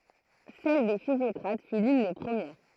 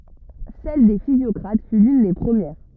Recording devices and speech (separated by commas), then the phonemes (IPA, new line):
throat microphone, rigid in-ear microphone, read sentence
sɛl de fizjɔkʁat fy lyn de pʁəmjɛʁ